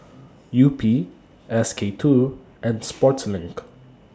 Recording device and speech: standing microphone (AKG C214), read sentence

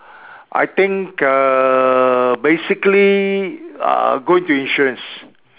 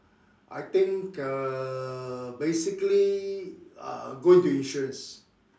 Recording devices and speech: telephone, standing microphone, conversation in separate rooms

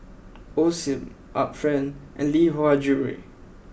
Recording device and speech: boundary microphone (BM630), read sentence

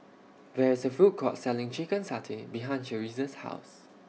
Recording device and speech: mobile phone (iPhone 6), read sentence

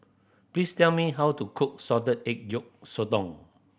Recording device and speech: boundary microphone (BM630), read sentence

